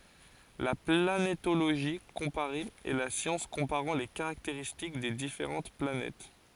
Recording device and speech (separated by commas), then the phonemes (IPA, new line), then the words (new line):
forehead accelerometer, read sentence
la planetoloʒi kɔ̃paʁe ɛ la sjɑ̃s kɔ̃paʁɑ̃ le kaʁakteʁistik de difeʁɑ̃t planɛt
La planétologie comparée est la science comparant les caractéristiques des différentes planètes.